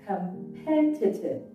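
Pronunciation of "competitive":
'Competitive' is pronounced correctly here.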